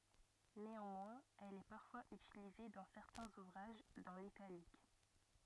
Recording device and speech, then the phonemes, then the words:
rigid in-ear microphone, read sentence
neɑ̃mwɛ̃z ɛl ɛ paʁfwaz ytilize dɑ̃ sɛʁtɛ̃z uvʁaʒ dɑ̃ litalik
Néanmoins, elle est parfois utilisée dans certains ouvrages, dans l’italique.

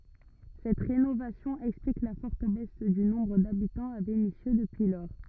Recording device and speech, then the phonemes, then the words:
rigid in-ear microphone, read sentence
sɛt ʁenovasjɔ̃ ɛksplik la fɔʁt bɛs dy nɔ̃bʁ dabitɑ̃z a venisjø dəpyi lɔʁ
Cette rénovation explique la forte baisse du nombre d'habitants à Vénissieux depuis lors.

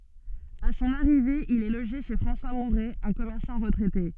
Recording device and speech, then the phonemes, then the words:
soft in-ear microphone, read sentence
a sɔ̃n aʁive il ɛ loʒe ʃe fʁɑ̃swa muʁɛ œ̃ kɔmɛʁsɑ̃ ʁətʁɛte
À son arrivée, il est logé chez François Mouret, un commerçant retraité.

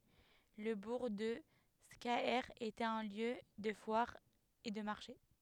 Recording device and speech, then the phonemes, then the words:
headset microphone, read sentence
lə buʁ də skaɛʁ etɛt œ̃ ljø də fwaʁ e də maʁʃe
Le bourg de Scaër était un lieu de foire et de marché.

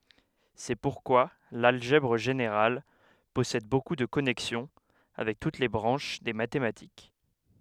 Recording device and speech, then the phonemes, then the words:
headset microphone, read sentence
sɛ puʁkwa lalʒɛbʁ ʒeneʁal pɔsɛd boku də kɔnɛksjɔ̃ avɛk tut le bʁɑ̃ʃ de matematik
C'est pourquoi l'algèbre générale possède beaucoup de connexions avec toutes les branches des mathématiques.

